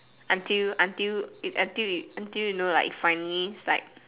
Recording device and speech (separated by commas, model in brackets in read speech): telephone, conversation in separate rooms